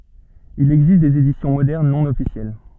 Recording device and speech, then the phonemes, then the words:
soft in-ear microphone, read sentence
il ɛɡzist dez edisjɔ̃ modɛʁn nɔ̃ ɔfisjɛl
Il existe des éditions modernes non officielles.

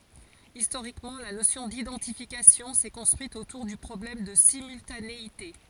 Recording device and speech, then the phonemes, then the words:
forehead accelerometer, read sentence
istoʁikmɑ̃ la nosjɔ̃ didɑ̃tifikasjɔ̃ sɛ kɔ̃stʁyit otuʁ dy pʁɔblɛm də simyltaneite
Historiquement, la notion d'identification s'est construite autour du problème de simultanéité.

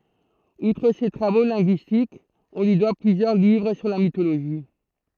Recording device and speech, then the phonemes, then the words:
throat microphone, read sentence
utʁ se tʁavo lɛ̃ɡyistikz ɔ̃ lyi dwa plyzjœʁ livʁ syʁ la mitoloʒi
Outre ses travaux linguistiques, on lui doit plusieurs livres sur la mythologie.

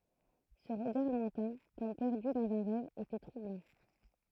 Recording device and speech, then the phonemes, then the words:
throat microphone, read sentence
sə ʁəɡaʁ lwɛ̃tɛ̃ kɔm pɛʁdy dɑ̃z œ̃ ʁɛv etɛ tʁublɑ̃
Ce regard lointain, comme perdu dans un rêve, était troublant.

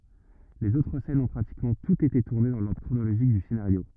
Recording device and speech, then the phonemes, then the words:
rigid in-ear microphone, read sentence
lez otʁ sɛnz ɔ̃ pʁatikmɑ̃ tutz ete tuʁne dɑ̃ lɔʁdʁ kʁonoloʒik dy senaʁjo
Les autres scènes ont pratiquement toutes été tournées dans l'ordre chronologique du scénario.

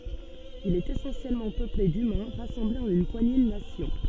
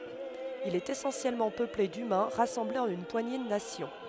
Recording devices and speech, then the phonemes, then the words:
soft in-ear microphone, headset microphone, read sentence
il ɛt esɑ̃sjɛlmɑ̃ pøple dymɛ̃ ʁasɑ̃blez ɑ̃n yn pwaɲe də nasjɔ̃
Il est essentiellement peuplé d'humains rassemblés en une poignée de nations.

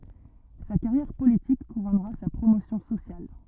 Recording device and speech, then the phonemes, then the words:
rigid in-ear microphone, read sentence
sa kaʁjɛʁ politik kuʁɔnʁa sa pʁomosjɔ̃ sosjal
Sa carrière politique couronnera sa promotion sociale.

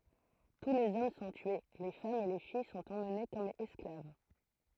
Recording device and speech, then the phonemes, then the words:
throat microphone, read sentence
tu lez ɔm sɔ̃ tye le famz e le fij sɔ̃t emne kɔm ɛsklav
Tous les hommes sont tués, les femmes et les filles sont emmenées comme esclaves.

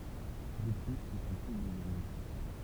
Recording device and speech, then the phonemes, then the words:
temple vibration pickup, read sentence
də ply sə sɔ̃ tus dez ɔm
De plus ce sont tous des hommes.

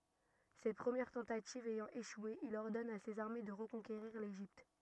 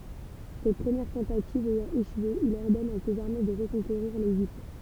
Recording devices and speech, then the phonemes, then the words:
rigid in-ear microphone, temple vibration pickup, read sentence
sɛt pʁəmjɛʁ tɑ̃tativ ɛjɑ̃ eʃwe il ɔʁdɔn a sez aʁme də ʁəkɔ̃keʁiʁ leʒipt
Cette première tentative ayant échoué, il ordonne à ses armées de reconquérir l'Égypte.

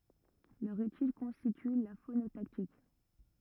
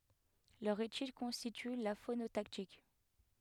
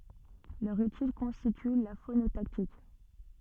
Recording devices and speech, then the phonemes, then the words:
rigid in-ear microphone, headset microphone, soft in-ear microphone, read sentence
lœʁ etyd kɔ̃stity la fonotaktik
Leur étude constitue la phonotactique.

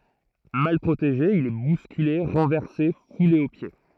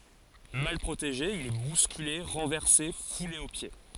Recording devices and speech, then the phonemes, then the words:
throat microphone, forehead accelerometer, read sentence
mal pʁoteʒe il ɛ buskyle ʁɑ̃vɛʁse fule o pje
Mal protégé, il est bousculé, renversé, foulé aux pieds.

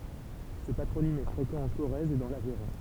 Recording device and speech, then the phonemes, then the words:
temple vibration pickup, read sentence
sə patʁonim ɛ fʁekɑ̃ ɑ̃ koʁɛz e dɑ̃ lavɛʁɔ̃
Ce patronyme est fréquent en Corrèze et dans l'Aveyron.

